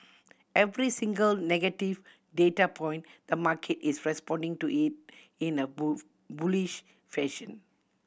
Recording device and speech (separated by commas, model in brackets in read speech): boundary microphone (BM630), read sentence